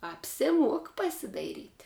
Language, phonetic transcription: Lithuanian, apsiˈmuok pasidaiˈryt'

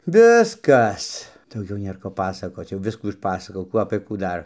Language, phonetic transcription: Lithuanian, ˈviskas dauˈgiau ˈnėr ˈko ˈpasakoc jauˈviskų išˈpasakojau ˈkų apɘ kų ˈdar

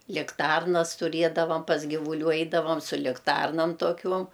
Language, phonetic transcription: Lithuanian, likˈtarnas tuˈriedavam pas givuˈlių ˈeidavam su likˈtarnam toˈkiuom

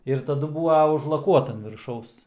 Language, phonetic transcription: Lithuanian, ir taˈdu ˈbūva užlaˈkuota an virˈšaus

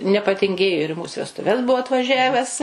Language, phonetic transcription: Lithuanian, nepatinˈgėjo ir i ˈmūs vestuˈves ˈbuvo atvaˈžæves

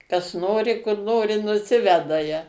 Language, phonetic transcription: Lithuanian, kas ˈnori kur ˈnori nuˈsiveda ja

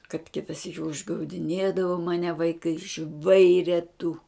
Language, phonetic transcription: Lithuanian, kad ˈkita ˈsyki užgaudiˈnėdavo maˈne vaiˈkai ˈžvaire tu

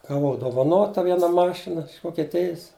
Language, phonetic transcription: Lithuanian, gaˈvau dovaˈnota ˈviena ˈmašina iš vokeˈtijis

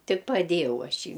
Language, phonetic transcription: Lithuanian, ˈtik paˈdėjau ˈaš i

